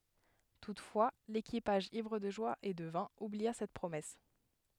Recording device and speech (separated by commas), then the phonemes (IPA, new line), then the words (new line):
headset microphone, read sentence
tutfwa lekipaʒ ivʁ də ʒwa e də vɛ̃ ublia sɛt pʁomɛs
Toutefois, l’équipage ivre de joie et de vin oublia cette promesse.